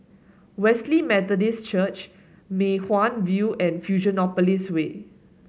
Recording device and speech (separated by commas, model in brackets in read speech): mobile phone (Samsung S8), read sentence